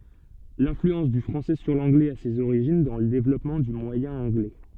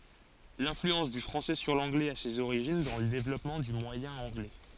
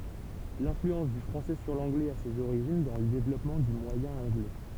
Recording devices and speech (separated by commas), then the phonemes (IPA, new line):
soft in-ear microphone, forehead accelerometer, temple vibration pickup, read sentence
lɛ̃flyɑ̃s dy fʁɑ̃sɛ syʁ lɑ̃ɡlɛz a sez oʁiʒin dɑ̃ lə devlɔpmɑ̃ dy mwajɛ̃ ɑ̃ɡlɛ